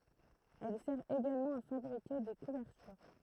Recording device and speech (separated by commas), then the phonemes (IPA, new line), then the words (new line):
throat microphone, read sentence
ɛl sɛʁ eɡalmɑ̃ a fabʁike de kuvɛʁtyʁ
Elle sert également à fabriquer des couvertures.